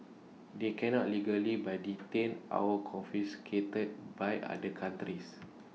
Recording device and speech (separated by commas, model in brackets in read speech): mobile phone (iPhone 6), read sentence